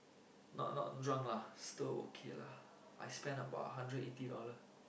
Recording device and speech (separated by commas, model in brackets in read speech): boundary microphone, conversation in the same room